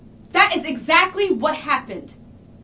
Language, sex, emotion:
English, female, angry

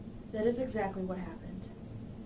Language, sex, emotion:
English, female, neutral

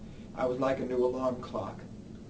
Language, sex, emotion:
English, male, neutral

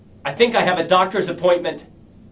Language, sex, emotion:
English, male, angry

